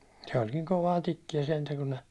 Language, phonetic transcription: Finnish, se oĺ niŋ 'kovaa 'tikkijä sentä kun ne ,.
- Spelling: se oli niin kovaa tikkiä sentään kun ne

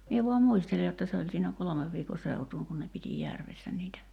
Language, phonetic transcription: Finnish, 'mie vuam "muistele jotta se oĺ siinä 'kolomev viiko 'seutuuŋ kun ne piti 'järvessä niitä .
- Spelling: minä vain muistelen jotta se oli siinä kolmen viikon seutuun kun ne piti järvessä niitä

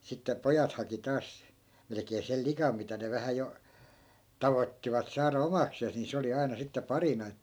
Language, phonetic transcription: Finnish, sitte "pojat haki 'taas , melᵉkee 'sel "likam mitä ne vähä 'jo , "tavottivat 'saara "omaksees ni 'se oli 'ai̮na sitte 'parina että .
- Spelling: sitten pojat haki taas melkein sen likan mitä ne vähän jo tavoittivat saada omakseen niin se oli aina sitten parina että

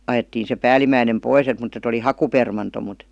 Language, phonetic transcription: Finnish, 'ajettiin̬ se 'päälimäinem "pois et mut ‿et ‿oli "hakupermanto mut .
- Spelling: ajettiin se päällimmäinen pois että mutta että oli hakupermanto mutta

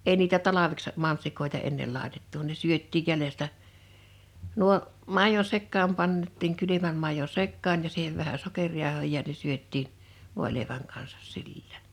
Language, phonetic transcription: Finnish, 'mansikat , 'èi niitä 'talaveks , 'mansikòeta ennel 'làetettu ne 'syöttìj 'jälestä 'nuo , 'màijon sekkaam 'pant̆tiiŋ 'kylymäm màijo "sekkaan ja 'siihev vähä "sokeŕjàohò ja Ne 'syöt̆tiin , 'vòḙlèiväŋ kansᴀs 'silLᴀ̈ᴀ̈ɴ .
- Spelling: mansikat ei niitä talveksi mansikoita ennen laitettu ne syötiin jäljestä nuo maidon sekaan pantiin kylmän maidon sekaan ja siihen vähän sokerijauhoa ja ne syötiin voileivän kanssa silloin

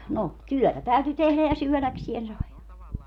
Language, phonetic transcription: Finnish, no , "tyɔ̈̀tä 'täyty 'tehlä ja "syöläksien 'sai .
- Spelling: no työtä täytyi tehdä ja syödäkseen sai

